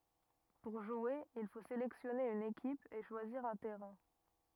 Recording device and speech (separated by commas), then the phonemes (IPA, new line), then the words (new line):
rigid in-ear microphone, read sentence
puʁ ʒwe il fo selɛksjɔne yn ekip e ʃwaziʁ œ̃ tɛʁɛ̃
Pour jouer, il faut sélectionner une équipe, et choisir un terrain.